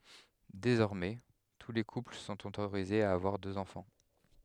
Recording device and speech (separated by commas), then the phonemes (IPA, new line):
headset microphone, read sentence
dezɔʁmɛ tu le kupl sɔ̃t otoʁizez a avwaʁ døz ɑ̃fɑ̃